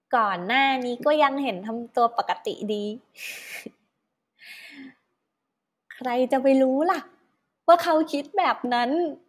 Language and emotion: Thai, happy